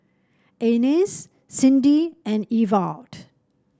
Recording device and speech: standing microphone (AKG C214), read sentence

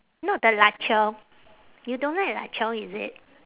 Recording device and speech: telephone, conversation in separate rooms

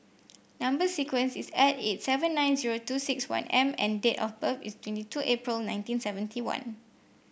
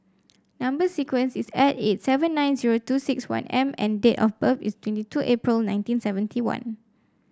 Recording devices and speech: boundary microphone (BM630), standing microphone (AKG C214), read sentence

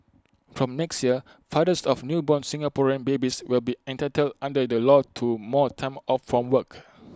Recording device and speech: close-talking microphone (WH20), read sentence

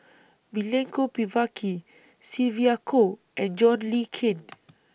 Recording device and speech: boundary microphone (BM630), read sentence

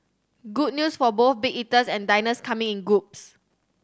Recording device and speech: standing microphone (AKG C214), read sentence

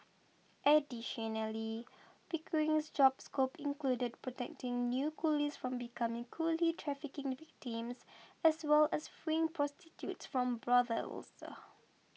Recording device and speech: mobile phone (iPhone 6), read sentence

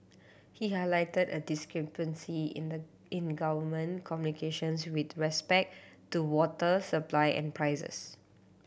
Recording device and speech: boundary microphone (BM630), read sentence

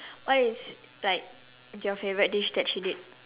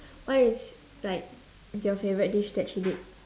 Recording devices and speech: telephone, standing microphone, conversation in separate rooms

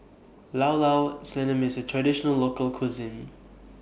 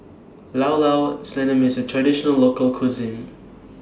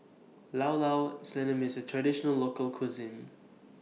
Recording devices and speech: boundary microphone (BM630), standing microphone (AKG C214), mobile phone (iPhone 6), read sentence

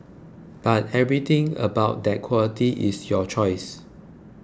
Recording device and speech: close-talking microphone (WH20), read sentence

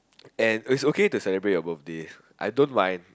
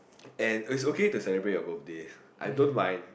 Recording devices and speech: close-talking microphone, boundary microphone, conversation in the same room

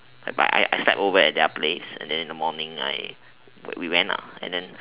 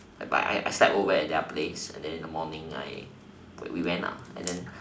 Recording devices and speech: telephone, standing microphone, conversation in separate rooms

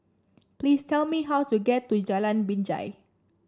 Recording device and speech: standing microphone (AKG C214), read sentence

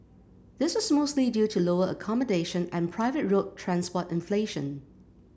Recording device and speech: boundary microphone (BM630), read sentence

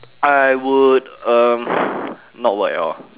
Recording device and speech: telephone, conversation in separate rooms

